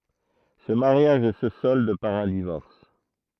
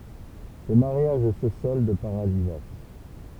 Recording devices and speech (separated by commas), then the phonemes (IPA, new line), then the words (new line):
throat microphone, temple vibration pickup, read sentence
sə maʁjaʒ sə sɔld paʁ œ̃ divɔʁs
Ce mariage se solde par un divorce.